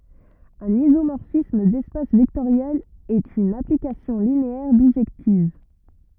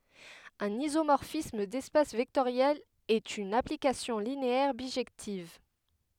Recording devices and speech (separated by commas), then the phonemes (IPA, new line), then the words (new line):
rigid in-ear microphone, headset microphone, read sentence
œ̃n izomɔʁfism dɛspas vɛktoʁjɛlz ɛt yn aplikasjɔ̃ lineɛʁ biʒɛktiv
Un isomorphisme d'espaces vectoriels est une application linéaire bijective.